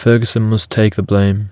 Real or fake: real